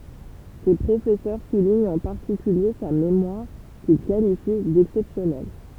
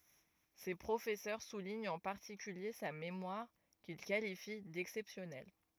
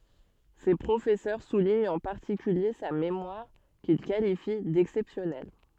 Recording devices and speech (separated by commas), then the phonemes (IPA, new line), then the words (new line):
temple vibration pickup, rigid in-ear microphone, soft in-ear microphone, read sentence
se pʁofɛsœʁ suliɲt ɑ̃ paʁtikylje sa memwaʁ kil kalifi dɛksɛpsjɔnɛl
Ses professeurs soulignent en particulier sa mémoire, qu'ils qualifient d'exceptionnelle.